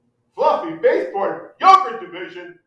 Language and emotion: English, angry